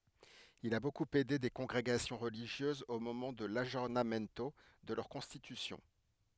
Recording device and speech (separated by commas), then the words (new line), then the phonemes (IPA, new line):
headset microphone, read sentence
Il a beaucoup aidé des congrégations religieuses au moment de l'aggiornamento de leurs constitutions.
il a bokup ɛde de kɔ̃ɡʁeɡasjɔ̃ ʁəliʒjøzz o momɑ̃ də laɡjɔʁnamɛnto də lœʁ kɔ̃stitysjɔ̃